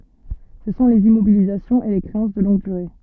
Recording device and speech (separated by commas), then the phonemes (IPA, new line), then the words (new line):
soft in-ear microphone, read sentence
sə sɔ̃ lez immobilizasjɔ̃z e le kʁeɑ̃s də lɔ̃ɡ dyʁe
Ce sont les immobilisations et les créances de longue durée.